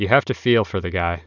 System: none